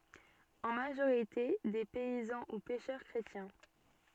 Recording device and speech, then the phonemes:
soft in-ear microphone, read sentence
ɑ̃ maʒoʁite de pɛizɑ̃ u pɛʃœʁ kʁetjɛ̃

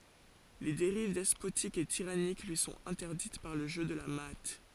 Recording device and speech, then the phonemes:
forehead accelerometer, read sentence
le deʁiv dɛspotik e tiʁanik lyi sɔ̃t ɛ̃tɛʁdit paʁ lə ʒø də la maa

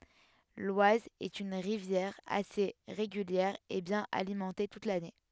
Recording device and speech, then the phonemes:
headset microphone, read sentence
lwaz ɛt yn ʁivjɛʁ ase ʁeɡyljɛʁ e bjɛ̃n alimɑ̃te tut lane

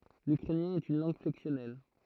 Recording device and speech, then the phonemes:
throat microphone, read sentence
lykʁɛnjɛ̃ ɛt yn lɑ̃ɡ flɛksjɔnɛl

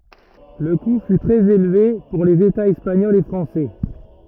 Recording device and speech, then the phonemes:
rigid in-ear microphone, read sentence
lə ku fy tʁɛz elve puʁ lez etaz ɛspaɲɔlz e fʁɑ̃sɛ

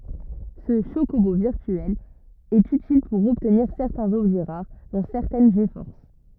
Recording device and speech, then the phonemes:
rigid in-ear microphone, read sentence
sə ʃokobo viʁtyɛl ɛt ytil puʁ ɔbtniʁ sɛʁtɛ̃z ɔbʒɛ ʁaʁ dɔ̃ sɛʁtɛn ɡfɔʁs

